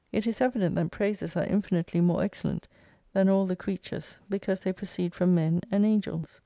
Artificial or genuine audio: genuine